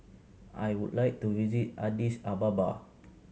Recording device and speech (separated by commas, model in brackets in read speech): mobile phone (Samsung C7100), read sentence